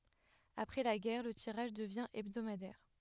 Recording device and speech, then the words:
headset microphone, read sentence
Après la guerre, le tirage devient hebdomadaire.

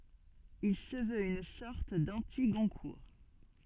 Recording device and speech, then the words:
soft in-ear microphone, read sentence
Il se veut une sorte d'anti-Goncourt.

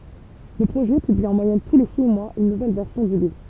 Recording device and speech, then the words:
temple vibration pickup, read sentence
Le projet publie en moyenne tous les six mois une nouvelle version du livre.

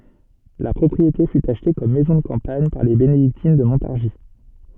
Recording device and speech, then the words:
soft in-ear microphone, read sentence
La propriété fut achetée comme maison de campagne par les bénédictines de Montargis.

